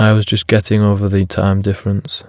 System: none